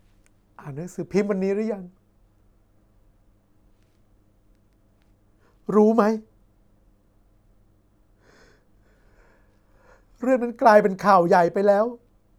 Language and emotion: Thai, sad